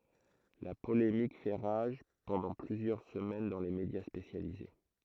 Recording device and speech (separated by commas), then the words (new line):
throat microphone, read sentence
La polémique fait rage pendant plusieurs semaines dans les médias spécialisés.